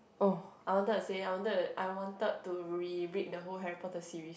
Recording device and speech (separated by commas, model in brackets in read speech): boundary microphone, conversation in the same room